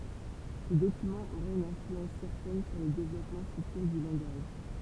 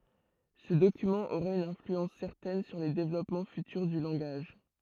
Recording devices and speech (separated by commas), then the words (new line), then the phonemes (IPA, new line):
temple vibration pickup, throat microphone, read sentence
Ce document aura une influence certaine sur les développements futurs du langage.
sə dokymɑ̃ oʁa yn ɛ̃flyɑ̃s sɛʁtɛn syʁ le devlɔpmɑ̃ fytyʁ dy lɑ̃ɡaʒ